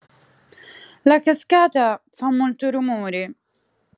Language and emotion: Italian, sad